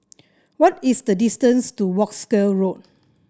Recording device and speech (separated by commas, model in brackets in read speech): standing microphone (AKG C214), read sentence